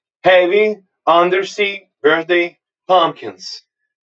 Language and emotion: English, neutral